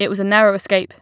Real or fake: real